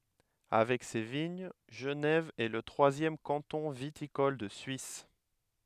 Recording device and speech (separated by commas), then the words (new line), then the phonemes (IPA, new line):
headset microphone, read sentence
Avec ses de vignes, Genève est le troisième canton viticole de Suisse.
avɛk se də viɲ ʒənɛv ɛ lə tʁwazjɛm kɑ̃tɔ̃ vitikɔl də syis